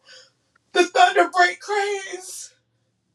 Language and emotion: English, fearful